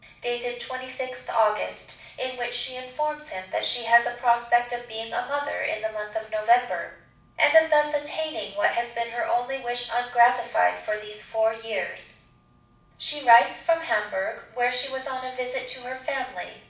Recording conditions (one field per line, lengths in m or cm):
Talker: one person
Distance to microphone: 5.8 m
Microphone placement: far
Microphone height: 1.8 m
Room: medium-sized (5.7 m by 4.0 m)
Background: none